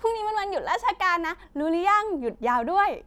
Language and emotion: Thai, happy